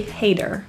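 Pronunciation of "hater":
In 'hater', the t is a flat T and sounds like a quick d.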